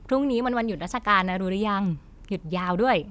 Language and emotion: Thai, happy